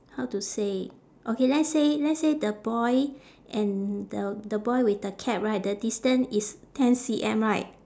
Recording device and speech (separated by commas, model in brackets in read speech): standing microphone, conversation in separate rooms